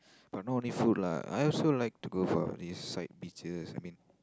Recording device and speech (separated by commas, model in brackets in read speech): close-talking microphone, conversation in the same room